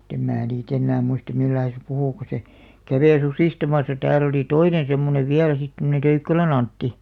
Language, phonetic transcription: Finnish, [mut]tem 'mää nii't ‿ennää muistᵃ 'mil̆lai se 'puhù ku se , "kàveⁱ 'susìstamasa 'tääl ‿oli "toinen̬ semmonev 'viäl sit tomᵒne "Töykkälä'n ‿Antti .
- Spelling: mutta en minä niitä enää muista millä lailla se puhui kun se kävi susistamassa täällä oli toinen semmoinen vielä sitten tuommoinen Töykkälän Antti

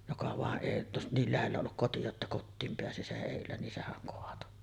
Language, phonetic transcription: Finnish, joka vàeˀ 'ˀèi jotta 'niil lähellä olluk koti jotta "kottiim peäsi 'seˀ 'ˀèillä nin 'sehäŋ 'koato .
- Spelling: joka vain ei jotta niin lähellä ollut koti jotta kotiin pääsi sen edellä niin sehän kaatoi

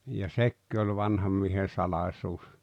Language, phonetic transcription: Finnish, ja "sekki oĺ 'vanham miehen̬ "salaⁱsuus .
- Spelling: ja sekin oli vanhan miehen salaisuus

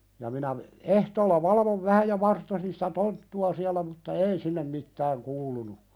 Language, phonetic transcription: Finnish, ja minä , 'ehtoolla "valavov 'vähä ja 'varttosin sitä "tonttu₍a siälä mutta "ei sinnem mittääŋ 'kuulunu .
- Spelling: ja minä ehtoolla valvoin vähän ja vartosin sitä tonttua siellä mutta ei sinne mitään kuulunut

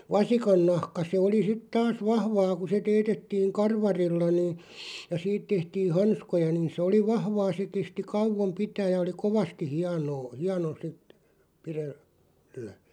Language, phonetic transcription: Finnish, vasikannahka se oli sit 'taas "vahvaa ku se 'teetettiiŋ "karvarilla niin̬ , ja 'siit tehtiin̬ "hanskoja niin̬ sᵉ 'oli "vahvaa se 'kesti "kauvom 'pitääʲ ja oli "kovasti 'hianoo , 'hiano 'sit , 'pirel- , -lä .
- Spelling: vasikannahka se oli sitten taas vahvaa kun se teetettiin karvarilla niin ja siitä tehtiin hanskoja niin se oli vahvaa se kesti kauan pitää ja oli kovasti hienoa hieno sitten - pidellä

